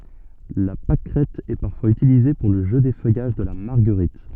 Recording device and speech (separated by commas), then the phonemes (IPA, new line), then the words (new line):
soft in-ear microphone, read sentence
la pakʁɛt ɛ paʁfwaz ytilize puʁ lə ʒø defœjaʒ də la maʁɡəʁit
La pâquerette est parfois utilisée pour le jeu d'effeuillage de la marguerite.